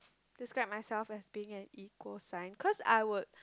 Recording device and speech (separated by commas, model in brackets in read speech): close-talking microphone, conversation in the same room